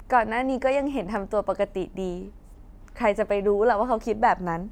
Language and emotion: Thai, frustrated